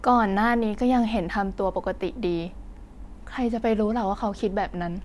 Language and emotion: Thai, frustrated